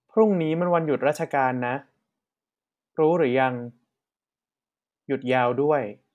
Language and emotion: Thai, neutral